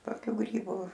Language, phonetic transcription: Lithuanian, toˈkių ˈgrybu

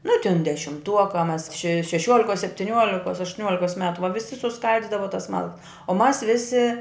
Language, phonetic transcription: Lithuanian, nu tin dešimˈtuoka mas še šeˈšiuolikos septiˈniuolikos aštuˈniuolikos ˈmetu va viˈsi suˈskaldidava tas ˈmalkas o mas ˈvisi

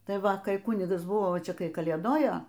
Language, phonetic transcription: Lithuanian, ˈtai ˈva kai ˈkunigas ˈbuvo ˈčia ˈkai kalėˈdojo

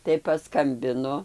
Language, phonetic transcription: Lithuanian, tai paˈskambinu

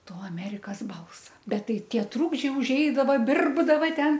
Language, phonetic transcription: Lithuanian, ˈto aˈmerikas ˈbalsa ˈbet ˈtai ˈtie ˈtrūkdžiai užˈeidava ˈbirbdava ˈten

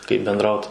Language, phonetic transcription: Lithuanian, kaip benˈdraut

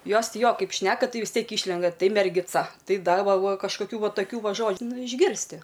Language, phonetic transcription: Lithuanian, ˈjos ˈti ˈjo ˈkaip ˈšneka ˈtai vis ˈtiek ˈyšlenda ˈtai mergiˈca ˈtai ˈda ˈva ˈva kažkoˈkių ˈva taˈkių ˈva ˈžodž ˈnu išˈgirsti

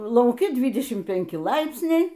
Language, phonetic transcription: Lithuanian, lauˈki ˈdvydešim pinˈki ˈlaipsniai

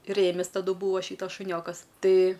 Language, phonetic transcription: Lithuanian, ˈrėmis taˈdu ˈbūa ˈšytas šuˈniokas ˈtai

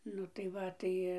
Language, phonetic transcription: Lithuanian, ˈnu tai ˈva ˈtai

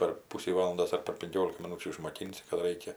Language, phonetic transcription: Lithuanian, per ˈpusį ˈvalandos ar per pinˈkiolika miˈnūčių išmoˈkinsi kad ˈraikia

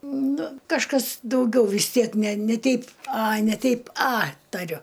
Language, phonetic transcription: Lithuanian, ˈnu kažˈkas dauˈgiau vis ˈtiek ne ne ˈteip a ne ˈteip a taˈriu

